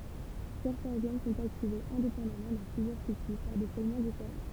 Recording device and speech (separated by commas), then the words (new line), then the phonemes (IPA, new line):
temple vibration pickup, read sentence
Certains gènes sont activés indépendamment dans plusieurs tissus par des segments différents.
sɛʁtɛ̃ ʒɛn sɔ̃t aktivez ɛ̃depɑ̃damɑ̃ dɑ̃ plyzjœʁ tisy paʁ de sɛɡmɑ̃ difeʁɑ̃